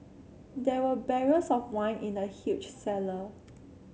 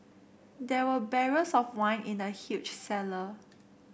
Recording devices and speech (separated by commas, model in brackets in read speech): mobile phone (Samsung C7), boundary microphone (BM630), read sentence